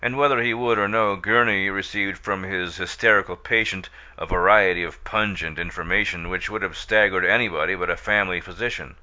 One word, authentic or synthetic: authentic